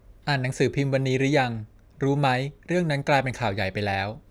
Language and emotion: Thai, neutral